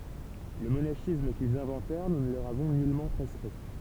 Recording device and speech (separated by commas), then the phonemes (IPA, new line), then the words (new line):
temple vibration pickup, read sentence
lə monaʃism kilz ɛ̃vɑ̃tɛʁ nu nə lə løʁ avɔ̃ nylmɑ̃ pʁɛskʁi
Le monachisme qu’ils inventèrent, Nous ne le leur avons nullement prescrit.